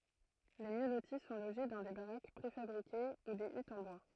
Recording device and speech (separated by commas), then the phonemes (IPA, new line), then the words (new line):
throat microphone, read sentence
le mjø loti sɔ̃ loʒe dɑ̃ de baʁak pʁefabʁike u de ytz ɑ̃ bwa
Les mieux lotis sont logés dans des baraques préfabriquées ou des huttes en bois.